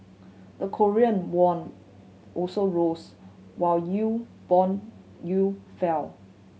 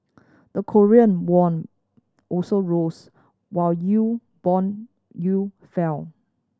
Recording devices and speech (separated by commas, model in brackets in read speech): mobile phone (Samsung C7100), standing microphone (AKG C214), read sentence